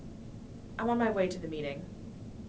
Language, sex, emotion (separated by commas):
English, female, neutral